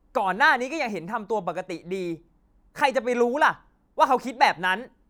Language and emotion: Thai, angry